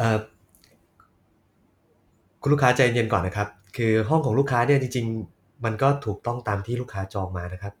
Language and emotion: Thai, neutral